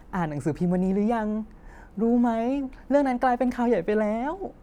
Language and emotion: Thai, happy